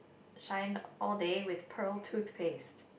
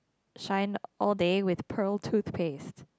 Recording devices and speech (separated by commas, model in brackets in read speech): boundary microphone, close-talking microphone, conversation in the same room